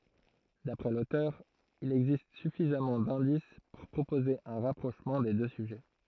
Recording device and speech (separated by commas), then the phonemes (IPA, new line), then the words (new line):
throat microphone, read sentence
dapʁɛ lotœʁ il ɛɡzist syfizamɑ̃ dɛ̃dis puʁ pʁopoze œ̃ ʁapʁoʃmɑ̃ de dø syʒɛ
D'après l'auteur, il existe suffisamment d'indices pour proposer un rapprochement des deux sujets.